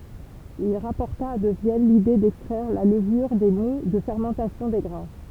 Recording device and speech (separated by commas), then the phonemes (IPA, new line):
temple vibration pickup, read sentence
il ʁapɔʁta də vjɛn lide dɛkstʁɛʁ la ləvyʁ de mu də fɛʁmɑ̃tasjɔ̃ de ɡʁɛ̃